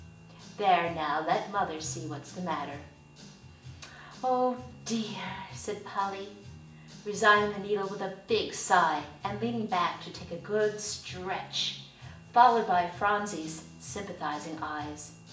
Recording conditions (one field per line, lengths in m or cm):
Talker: one person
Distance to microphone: 1.8 m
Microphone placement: close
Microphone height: 1.0 m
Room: large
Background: music